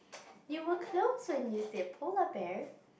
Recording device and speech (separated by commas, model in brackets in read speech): boundary microphone, conversation in the same room